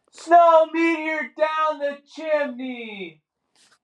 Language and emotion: English, sad